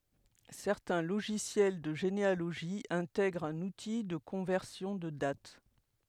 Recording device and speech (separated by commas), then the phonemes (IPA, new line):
headset microphone, read sentence
sɛʁtɛ̃ loʒisjɛl də ʒenealoʒi ɛ̃tɛɡʁt œ̃n uti də kɔ̃vɛʁsjɔ̃ də dat